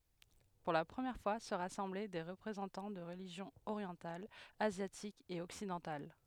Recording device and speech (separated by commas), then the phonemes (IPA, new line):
headset microphone, read sentence
puʁ la pʁəmjɛʁ fwa sə ʁasɑ̃blɛ de ʁəpʁezɑ̃tɑ̃ də ʁəliʒjɔ̃z oʁjɑ̃talz azjatikz e ɔksidɑ̃tal